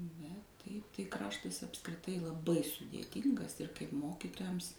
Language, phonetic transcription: Lithuanian, bet ˈtaip tai ˈkraštas apskriˈtai laˈbai sudėˈtyngas ir kaip ˈmokytojams

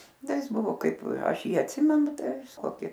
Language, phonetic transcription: Lithuanian, ˈda ˈjis ˈbuvo ˈkaip ˈaš ˈjį atˈsimenu ˈtai koˈki

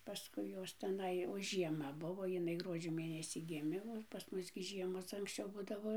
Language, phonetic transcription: Lithuanian, paˈskui ˈjos teˈnai o ˈžiema ˈbuvo jiˈnai ˈgruodžio ˈmėnesį ˈgimė o pas ˈmus gi ˈžiemos anksˈčiau ˈbudavo

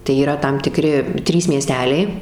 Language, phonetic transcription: Lithuanian, tai yˈra tam tiˈkri ˈtrys mieˈsteliai

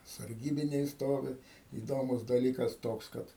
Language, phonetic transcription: Lithuanian, sarˈgybiniai ˈstovi įˈdomus daˈlykas ˈtoks ˈkad

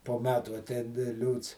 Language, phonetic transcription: Lithuanian, po ˈmetų aˈtein ˈliūts

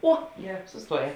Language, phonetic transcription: Lithuanian, ˈo ˈgeˌrā susˈtuoˌjē

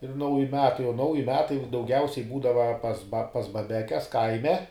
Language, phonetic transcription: Lithuanian, ir ˈnauji ˈmetai o ˈnauji ˈmetai dauˈgiausiai ˈbūdava pas ba pas baˈbekes ˈkaime

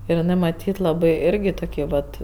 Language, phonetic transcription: Lithuanian, ir iˈnɜ maˈtyt laˈbai ˈirgi toˈkį ˈvat

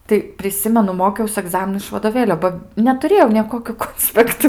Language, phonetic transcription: Lithuanian, tai priˈsimenu ˈmokiaus aˈgzaminu iš vadoˈvėlio ˈba netuˈrėjau nė ˈkokių ˈkonspektu

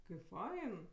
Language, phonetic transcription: Lithuanian, kaip ˈfain

